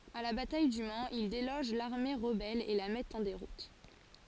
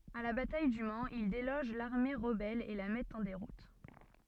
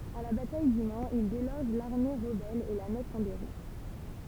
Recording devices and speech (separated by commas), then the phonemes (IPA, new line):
forehead accelerometer, soft in-ear microphone, temple vibration pickup, read sentence
a la bataj dy manz il deloʒ laʁme ʁəbɛl e la mɛtt ɑ̃ deʁut